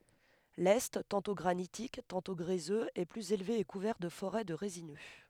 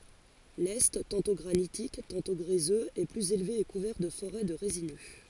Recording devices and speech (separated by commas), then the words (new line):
headset microphone, forehead accelerometer, read sentence
L'est, tantôt granitique, tantôt gréseux, est plus élevé et couvert de forêts de résineux.